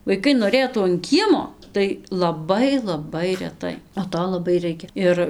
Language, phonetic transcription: Lithuanian, vaiˈkai noˈrėtų an ˈkiemo tai laˈbai laˈbai reˈtai o ˈto laˈbai ˈraikia ˈir

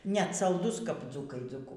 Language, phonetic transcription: Lithuanian, net salˈdus kap ˈdzūkai dzūˈku

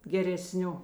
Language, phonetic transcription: Lithuanian, gereˈsniu

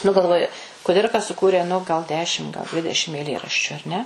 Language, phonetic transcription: Lithuanian, nu galˈvoju kuˈdirka suˈkūrė nu gal ˈdešim gal ˈdvidešim eiˈlėraščiu ar ˈne

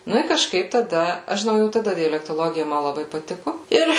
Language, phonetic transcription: Lithuanian, ˈnu i kažˈkaip taˈda ˈaš žiˈnau jau taˈda dialektoˈlogija ˈma laˈbai paˈtiku ˈir

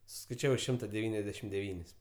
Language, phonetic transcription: Lithuanian, suskaiˈčiavai ˈšimta deˈvyniasdešim deˈvynis

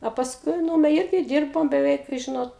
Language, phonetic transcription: Lithuanian, o pasˈkui ˈnūme ˈirgi ˈdyrbom beˈveik ˈžinot

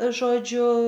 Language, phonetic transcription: Lithuanian, ˈžodžiu

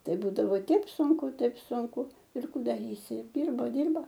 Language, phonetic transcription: Lithuanian, ˈtai ˈbūdavo ˈteip ˈsunku ˈtaip sunˈku ir ˈkų daˈrysi ir ˈdirba ˈdirba

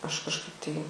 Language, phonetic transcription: Lithuanian, ˈaš kažˈkaip tai

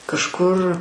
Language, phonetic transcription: Lithuanian, kažˈkur

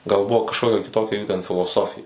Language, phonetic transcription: Lithuanian, gal ˈbuvo kažˈkokia kiˈtokia ˈjų ten filoˈsofija

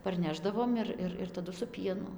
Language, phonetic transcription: Lithuanian, parˈnešdavom ir ˈir ir taˈdu su ˈpienu

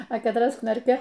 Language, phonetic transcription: Lithuanian, a katˈras ˈknarkia

